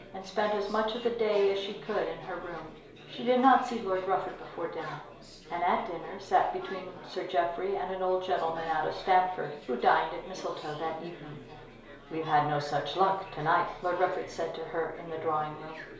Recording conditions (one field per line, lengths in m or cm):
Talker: one person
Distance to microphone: 1.0 m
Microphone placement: close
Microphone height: 1.1 m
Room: small (3.7 m by 2.7 m)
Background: babble